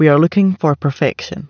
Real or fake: real